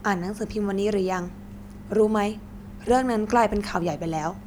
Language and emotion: Thai, neutral